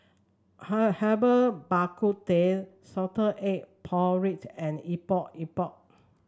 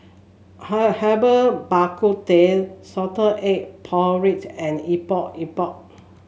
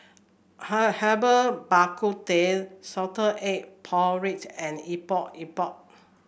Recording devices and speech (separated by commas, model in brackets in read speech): standing microphone (AKG C214), mobile phone (Samsung S8), boundary microphone (BM630), read sentence